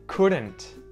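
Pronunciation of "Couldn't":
In 'couldn't', the T at the end is pronounced, not muted.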